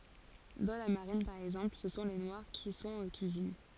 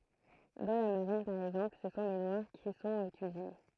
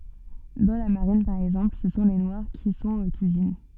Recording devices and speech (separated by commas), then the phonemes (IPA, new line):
forehead accelerometer, throat microphone, soft in-ear microphone, read sentence
dɑ̃ la maʁin paʁ ɛɡzɑ̃pl sə sɔ̃ le nwaʁ ki sɔ̃t o kyizin